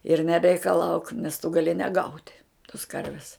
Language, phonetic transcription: Lithuanian, ir nereikaˈlauk nes tu gaˈli neˈgaut' tos ˈkarvis

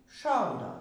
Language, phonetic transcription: Lithuanian, ˈšaudo

